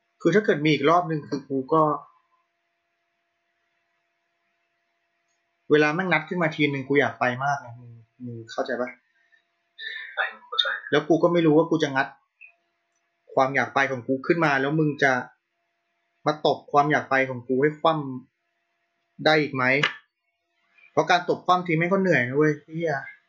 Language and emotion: Thai, frustrated